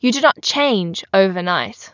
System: none